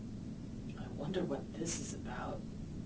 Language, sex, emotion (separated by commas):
English, female, fearful